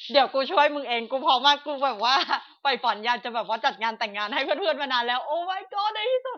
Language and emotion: Thai, happy